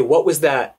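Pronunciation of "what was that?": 'What was that?' is said with rising intonation: the voice goes up.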